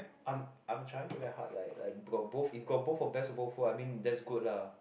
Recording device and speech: boundary microphone, conversation in the same room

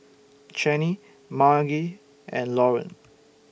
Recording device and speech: boundary microphone (BM630), read sentence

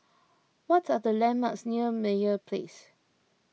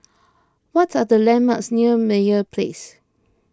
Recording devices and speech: mobile phone (iPhone 6), close-talking microphone (WH20), read sentence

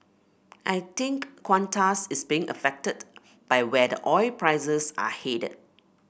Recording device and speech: boundary microphone (BM630), read sentence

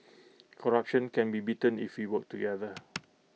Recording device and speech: mobile phone (iPhone 6), read sentence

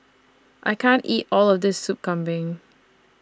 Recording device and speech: standing microphone (AKG C214), read sentence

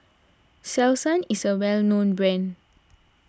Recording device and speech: standing microphone (AKG C214), read sentence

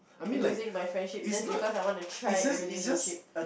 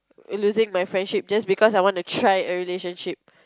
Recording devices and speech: boundary microphone, close-talking microphone, conversation in the same room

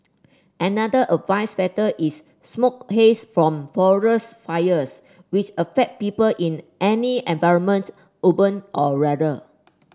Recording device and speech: standing microphone (AKG C214), read sentence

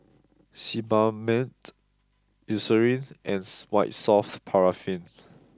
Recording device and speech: close-talking microphone (WH20), read sentence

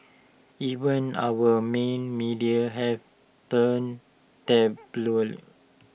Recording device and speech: boundary microphone (BM630), read sentence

